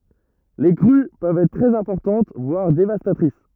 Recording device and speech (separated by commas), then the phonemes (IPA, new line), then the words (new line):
rigid in-ear microphone, read sentence
le kʁy pøvt ɛtʁ tʁɛz ɛ̃pɔʁtɑ̃t vwaʁ devastatʁis
Les crues peuvent être très importantes, voire dévastatrices.